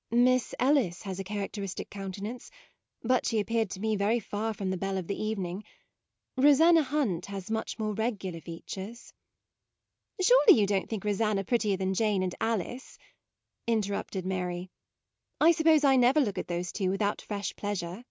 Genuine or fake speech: genuine